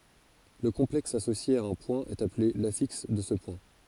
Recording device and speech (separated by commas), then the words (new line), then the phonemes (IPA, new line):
forehead accelerometer, read sentence
Le complexe associé à un point est appelé l'affixe de ce point.
lə kɔ̃plɛks asosje a œ̃ pwɛ̃ ɛt aple lafiks də sə pwɛ̃